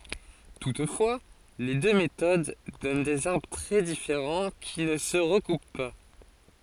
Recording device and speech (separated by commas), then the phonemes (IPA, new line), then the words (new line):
forehead accelerometer, read sentence
tutfwa le dø metod dɔn dez aʁbʁ tʁɛ difeʁɑ̃ ki nə sə ʁəkup pa
Toutefois, les deux méthodes donnent des arbres très différents qui ne se recoupent pas.